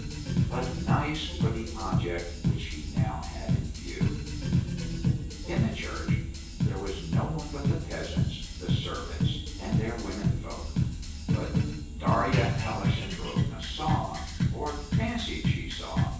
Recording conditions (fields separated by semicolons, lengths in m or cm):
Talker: one person; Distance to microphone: 9.8 m; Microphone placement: far; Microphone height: 1.8 m; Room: large; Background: music